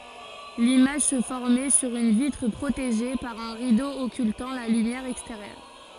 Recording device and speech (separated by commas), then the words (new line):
forehead accelerometer, read sentence
L’image se formait sur une vitre protégée par un rideau occultant la lumière extérieure.